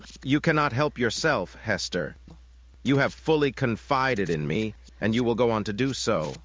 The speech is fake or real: fake